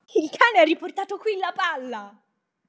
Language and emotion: Italian, happy